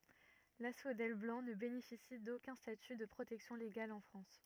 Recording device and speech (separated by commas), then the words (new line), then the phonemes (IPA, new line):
rigid in-ear microphone, read sentence
L'asphodèle blanc ne bénéficie d'aucun statut de protection légale en France.
lasfodɛl blɑ̃ nə benefisi dokœ̃ staty də pʁotɛksjɔ̃ leɡal ɑ̃ fʁɑ̃s